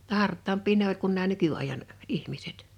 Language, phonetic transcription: Finnish, [jot]ta "hart̆taamp̆pii ne ‿oĺ kun nää 'nyky₍àijan , 'ihmiset .
- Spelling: jotta hartaampia ne oli kuin nämä nykyajan ihmiset

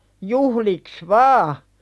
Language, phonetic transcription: Finnish, 'juhliks "vaa .
- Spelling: juhliksi vain

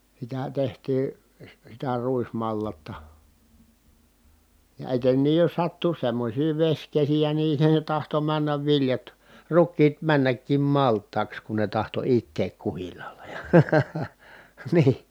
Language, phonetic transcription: Finnish, sitä tehtii , si- sitä ruismallatta , ja etenniij jos sattu semmośii veśkesijä nii se tahto männäv viljat , ruk̆kiit männäkkim malt̆taaks kun ne tahto itteek kuhillaala jA , nii .
- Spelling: sitä tehtiin - sitä ruismallasta ja etenkin jos sattui semmoisia vesikesiä niin se tahtoi mennä viljat rukiit mennäkin maltaiksi kun ne tahtoi itää kuhilaalla ja niin

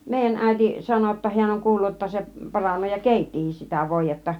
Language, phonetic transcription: Finnish, 'mèijän 'ä̀iti , 'sano (j)otta 'hiän oŋ "kuullut jotta se , 'paranee ja "kèittihis sitä 'vòij̆jetta .
- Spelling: meidän äiti sanoi jotta hän on kuullut jotta se paranee ja keittikin sitä voidetta

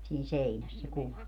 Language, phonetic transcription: Finnish, siin̬ "seinäs se 'kuva .
- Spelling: siinä seinässä se kuva

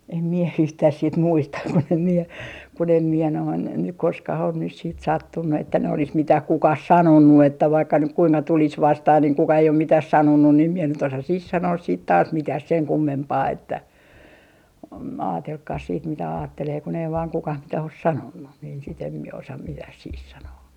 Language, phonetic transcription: Finnish, em mie 'yhtäh sit 'muista kun ‿em mie , kun ‿em miɛ noin , nyk 'koskah on nys siit "sattunnu että ne olis 'mitäh 'kukah "sanonnu että vaikka nyk 'kuiŋka 'tulis "vastah niŋ 'kuka ei om 'mitas 'sanonnun ni em mie nyt 'osa 'sih "sanoos siit taas "mitäh 'seŋ 'kummempaa että , om- , 'aatelkkaas siit mitä 'aattelee kun ‿ei vaan 'kukah 'mitä os "sanonnu niin sit ‿em mie osa 'mitäh sih 'sanoo .
- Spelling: en minä yhtään sitten muista kun en minä kun en minä noin nyt koskaan ole nyt sitten sattunut että ne olisi mitään kukaan sanonut että vaikka nyt kuinka tulisi vastaan niin kukaan ei ole mitään sanonut niin en minä nyt osaa siihen sanoa sitten taas mitään sen kummempaa että - ajatelkoon sitten mitä ajattelee kun ei vain kukaan mitään ole sanonut niin sitten en minä osaa mitään siihen sanoa

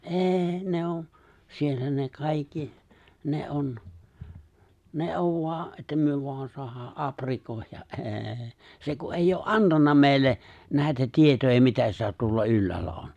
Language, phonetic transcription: Finnish, '’ee , 'ne on , 'siellä ne 'kaikki , 'ne '’on , ne '’ov 'voa ’että 'myö voan 'soahaa '’aprikòijja’ '’êê , se ku '’eijj ‿oo’ "’antanna meeⁱlle , nä̀etä 'tietoja 'mitä sitä tuolla 'ylläällä 'on .
- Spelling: ei ne on siellä ne kaikki ne on ne on vain että me vain saadaan aprikoida ei se kun ei ole antanut meille näitä tietoja mitä sitä tuolla ylhäällä on

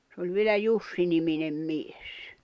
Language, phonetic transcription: Finnish, sᵉ ‿oĺ vielä 'Jussi-niminem 'mies .
- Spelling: se oli vielä Jussi-niminen mies

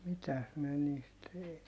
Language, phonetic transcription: Finnish, mitäs miɛ niist ,.
- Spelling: mitäs minä niistä

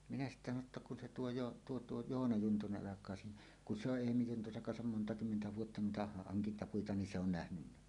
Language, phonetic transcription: Finnish, minä sittä sano ‿tta kun se 'tuo 'joo- , 'tuo 'tuo "Joona 'Juntuneˀ ˀalak̀aa siinä , » kun "se ‿oˀ "ˀEemi 'Juntuseŋ kansam "monta' kymmentä 'vuotta nuita haŋkintapuita ni 'se ‿on 'nähnynnä « .
- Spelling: minä sitten sanoin jotta kun se tuo - tuo tuo Joona Juntunen alkaa siinä kun se on Eemi Juntusen kanssa monta kymmentä vuotta noita hankintapuita niin se on nähnyt

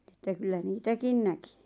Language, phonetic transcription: Finnish, että kyllä "niitäkin 'näki .
- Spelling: että kyllä niitäkin näki

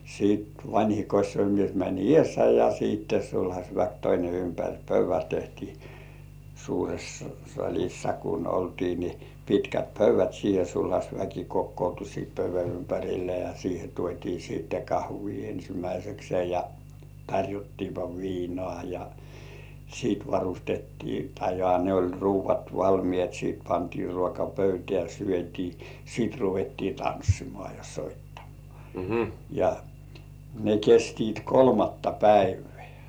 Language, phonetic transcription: Finnish, siit "vańhi 'kośsoimies mäń "ĭèssä ja siitte "sulhaśväk toine 'ympäŕ "pöyv̆vä 'tehtii , suures saĺissa kun ‿oltii nɪ , 'pitkät "pöyv̆vät siihe 'sulhaśväki kokkoutu siit pöyv̆vä ympärille ja 'siihe tuot́ii siitte "kahvii 'ensimäisekse ja , 'taŕjottiipa "viinŏà ja , siit varustettii tahe joha ne oĺ 'ruuv̆vat "valmĭèt 'sìt pantii 'ruoka "pöytĕä̀ syöt́ii , 'sìt ruvettii "tanssimŏà ja 'soittamᴏ̆ᴀ̀ , ja , ne 'kestiit "kolmatta "päivᴇ̆ᴀ̈̀ .
- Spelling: sitten vanhin kosiomies meni edessä ja sitten sulhasväki toinen ympäri pöydän tehtiin suuressa salissa kun oltiin niin pitkät pöydät siihen sulhasväki kokoontui sitten pöydän ympärille ja siihen tuotiin sitten kahvia ensimmäiseksi ja tarjottiinpa viinaa ja sitten varustettiin tai johan ne oli ruuat valmiit sitten pantiin ruoka pöytään syötiin sitten ruvettiin tanssimaan ja soittamaan ja ne kestivät kolmatta päivää

